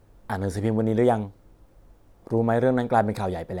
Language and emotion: Thai, neutral